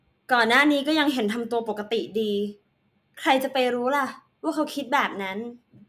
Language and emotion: Thai, frustrated